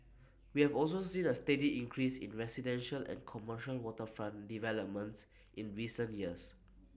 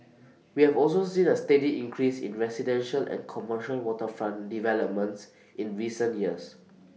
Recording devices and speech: boundary microphone (BM630), mobile phone (iPhone 6), read sentence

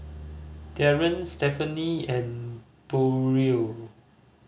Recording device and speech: mobile phone (Samsung C5010), read sentence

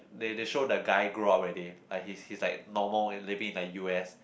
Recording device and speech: boundary microphone, conversation in the same room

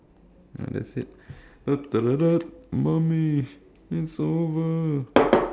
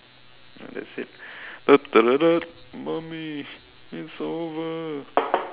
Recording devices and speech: standing microphone, telephone, conversation in separate rooms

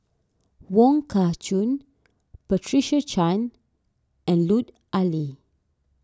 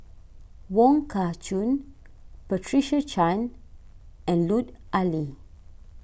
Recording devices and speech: standing microphone (AKG C214), boundary microphone (BM630), read sentence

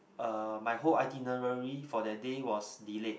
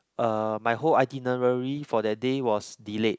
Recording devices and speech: boundary microphone, close-talking microphone, conversation in the same room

